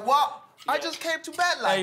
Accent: English accent